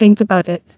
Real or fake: fake